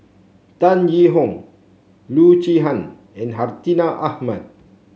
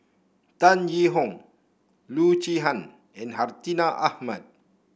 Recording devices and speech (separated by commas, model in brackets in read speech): mobile phone (Samsung C7), boundary microphone (BM630), read sentence